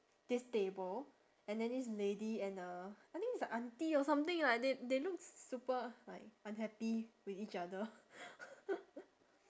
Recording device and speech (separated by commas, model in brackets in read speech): standing microphone, conversation in separate rooms